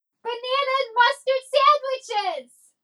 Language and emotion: English, happy